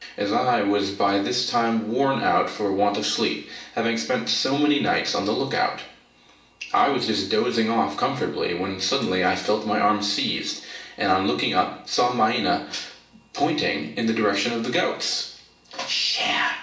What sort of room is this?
A large space.